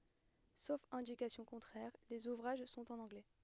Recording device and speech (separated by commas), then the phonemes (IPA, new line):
headset microphone, read sentence
sof ɛ̃dikasjɔ̃ kɔ̃tʁɛʁ lez uvʁaʒ sɔ̃t ɑ̃n ɑ̃ɡlɛ